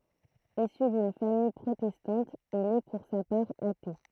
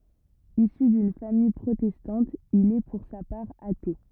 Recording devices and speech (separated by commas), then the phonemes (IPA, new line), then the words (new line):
throat microphone, rigid in-ear microphone, read sentence
isy dyn famij pʁotɛstɑ̃t il ɛ puʁ sa paʁ ate
Issu d'une famille protestante, il est pour sa part athée.